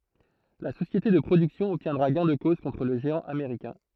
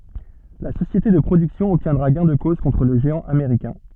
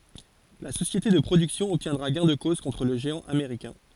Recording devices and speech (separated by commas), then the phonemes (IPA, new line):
throat microphone, soft in-ear microphone, forehead accelerometer, read sentence
la sosjete də pʁodyksjɔ̃ ɔbtjɛ̃dʁa ɡɛ̃ də koz kɔ̃tʁ lə ʒeɑ̃ ameʁikɛ̃